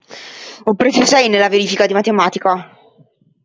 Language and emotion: Italian, angry